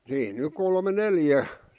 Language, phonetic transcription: Finnish, 'siin ny 'kolme "neljä .
- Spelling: siinä nyt kolme neljä

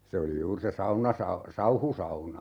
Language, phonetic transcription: Finnish, 'se oli 'juur se "saunasa- , "sauhusauna .
- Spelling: se oli juuri se - sauhusauna

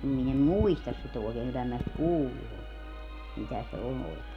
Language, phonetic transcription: Finnish, 'min ‿em "muistas sit ‿òekeeŋ 'kyllä minä sit "kuullu on , 'mitä se "on òekee .
- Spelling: minä en muista sitä oikein kyllä minä sitä kuullut olen mitä se on oikein

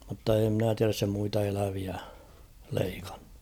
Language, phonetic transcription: Finnish, mutta ee ‿mnä 'tiäräs se muita 'eläviä , 'leikᴀɴɴᴜ .
- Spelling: mutta ei minä tiedä se muita eläviä leikannut

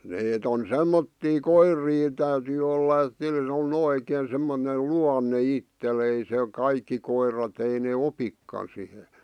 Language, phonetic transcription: Finnish, neet ‿on "semmottii "koir̀ii ᵉᵗ täytyy olla et (niil‿) on 'oikeen̬ semmonel "luanne 'ittel ‿ei sè , 'kaikki koirat ei nee "opikkan sihe .
- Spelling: ne on semmoisia koiria ett' täytyy olla että niillä on oikein semmoinen luonne itsellä ei se kaikki koirat ei ne opikaan siihen

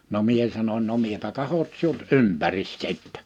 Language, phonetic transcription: Finnish, no 'mie sanoń » no 'miepä 'kahot̳ 'siut "ympäris "sittɛ « .
- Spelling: no minä sanoin no minäpä katson sinut ympäri sitten

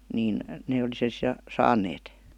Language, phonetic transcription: Finnish, niin , ne oli sen (si-) 'saaǹeet .
- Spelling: niin ne oli sen sitten saaneet

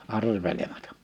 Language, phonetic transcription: Finnish, 'arveleᴍᴀtᴀ . «
- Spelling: arvelematta

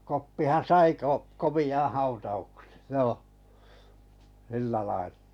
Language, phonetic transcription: Finnish, 'Koppihan̬ "sai ko- , 'komi₍aᵃ̰ 'hautauksᴇ , 'jooh , 'sillä lail(ʟᴀ) .
- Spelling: Koppihan sai - komean hautauksen joo sillä lailla

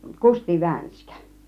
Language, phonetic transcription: Finnish, Kusti 'VänskÄ .
- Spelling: Kusti Vänskä

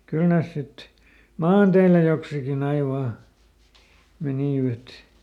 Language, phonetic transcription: Finnish, ˈkyl ˈnès ˈsit , "maanteilä joksikiˈn ‿ai ˈvaa , ˈmenìvät .
- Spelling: kyllä ne sitten maanteillä joksikin aina vain menivät

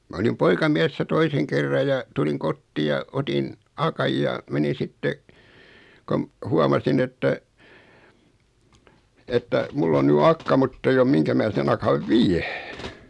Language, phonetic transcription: Finnish, ma olim 'poika'miɛssä 'toiseŋ kerra ja , 'tuliŋ "kottii ja , 'otin , 'akaj ja , menin̬ 'sitte , kom , 'huamasin että , että , 'mull ‿on 'ny "akka 'mutt ‿eij ‿om "miŋkä mää sen 'akav "viä .
- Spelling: minä olin poikamiehenä toisen kerran ja tulin kotiin ja otin akan ja menin sitten kun huomasin että että minulla on nyt akka mutta ei ole mihinkä minä sen akan vien

